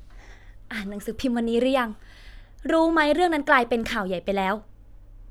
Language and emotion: Thai, frustrated